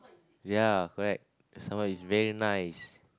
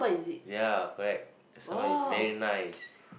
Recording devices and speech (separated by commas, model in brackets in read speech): close-talking microphone, boundary microphone, conversation in the same room